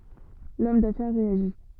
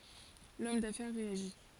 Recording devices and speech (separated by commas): soft in-ear microphone, forehead accelerometer, read sentence